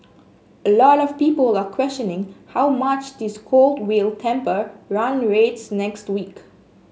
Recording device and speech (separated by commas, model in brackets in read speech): mobile phone (Samsung S8), read sentence